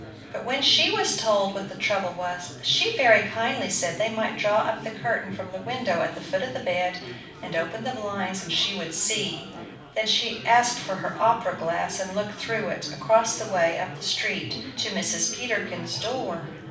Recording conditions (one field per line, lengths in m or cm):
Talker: one person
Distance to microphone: 5.8 m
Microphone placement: far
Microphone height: 1.8 m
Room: medium-sized (5.7 m by 4.0 m)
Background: babble